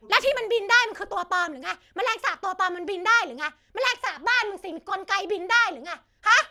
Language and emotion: Thai, angry